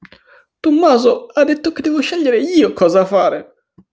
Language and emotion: Italian, sad